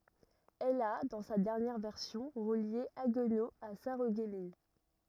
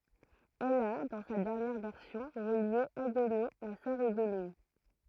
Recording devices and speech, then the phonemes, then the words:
rigid in-ear microphone, throat microphone, read sentence
ɛl a dɑ̃ sa dɛʁnjɛʁ vɛʁsjɔ̃ ʁəlje aɡno a saʁəɡmin
Elle a, dans sa dernière version, relié Haguenau à Sarreguemines.

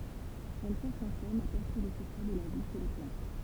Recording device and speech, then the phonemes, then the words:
temple vibration pickup, read sentence
ɛl ʃɛʁʃ ɑ̃ sɔm a pɛʁse le səkʁɛ də la vi ʃe le plɑ̃t
Elle cherche en somme à percer les secrets de la vie chez les plantes.

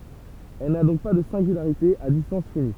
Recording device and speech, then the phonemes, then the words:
temple vibration pickup, read sentence
ɛl na dɔ̃k pa də sɛ̃ɡylaʁite a distɑ̃s fini
Elle n'a donc pas de singularité à distance finie.

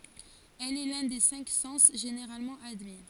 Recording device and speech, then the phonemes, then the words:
forehead accelerometer, read sentence
ɛl ɛ lœ̃ de sɛ̃k sɑ̃s ʒeneʁalmɑ̃ admi
Elle est l’un des cinq sens généralement admis.

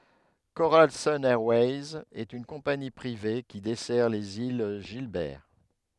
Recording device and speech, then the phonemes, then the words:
headset microphone, read sentence
koʁal sən ɛʁwɛjz ɛt yn kɔ̃pani pʁive ki dɛsɛʁ lez il ʒilbɛʁ
Coral Sun Airways est une compagnie privée qui dessert les îles Gilbert.

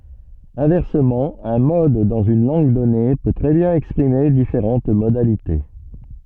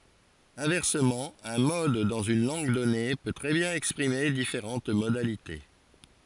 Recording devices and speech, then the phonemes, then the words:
soft in-ear microphone, forehead accelerometer, read sentence
ɛ̃vɛʁsəmɑ̃ œ̃ mɔd dɑ̃z yn lɑ̃ɡ dɔne pø tʁɛ bjɛ̃n ɛkspʁime difeʁɑ̃t modalite
Inversement, un mode dans une langue donnée peut très bien exprimer différentes modalités.

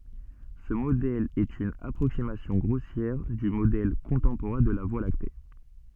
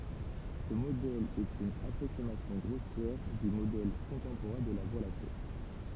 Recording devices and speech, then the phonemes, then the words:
soft in-ear microphone, temple vibration pickup, read sentence
sə modɛl ɛt yn apʁoksimasjɔ̃ ɡʁosjɛʁ dy modɛl kɔ̃tɑ̃poʁɛ̃ də la vwa lakte
Ce modèle est une approximation grossière du modèle contemporain de la Voie lactée.

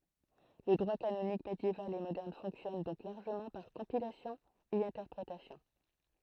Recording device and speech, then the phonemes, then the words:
throat microphone, read sentence
lə dʁwa kanonik medjeval e modɛʁn fɔ̃ksjɔn dɔ̃k laʁʒəmɑ̃ paʁ kɔ̃pilasjɔ̃ e ɛ̃tɛʁpʁetasjɔ̃
Le droit canonique médiéval et moderne fonctionne donc largement par compilation et interprétation.

